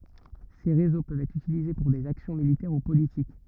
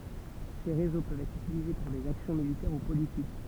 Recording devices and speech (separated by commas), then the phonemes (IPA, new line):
rigid in-ear microphone, temple vibration pickup, read sentence
se ʁezo pøvt ɛtʁ ytilize puʁ dez aksjɔ̃ militɛʁ u politik